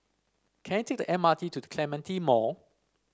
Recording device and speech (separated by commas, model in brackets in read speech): standing microphone (AKG C214), read sentence